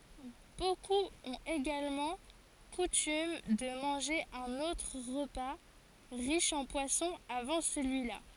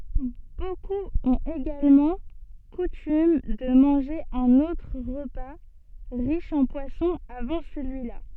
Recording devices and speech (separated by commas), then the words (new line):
forehead accelerometer, soft in-ear microphone, read sentence
Beaucoup ont également coutume de manger un autre repas riche en poisson avant celui-là.